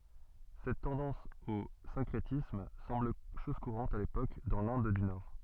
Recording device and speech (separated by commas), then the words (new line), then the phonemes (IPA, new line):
soft in-ear microphone, read sentence
Cette tendance au syncrétisme semble chose courante à l'époque dans l'Inde du nord.
sɛt tɑ̃dɑ̃s o sɛ̃kʁetism sɑ̃bl ʃɔz kuʁɑ̃t a lepok dɑ̃ lɛ̃d dy nɔʁ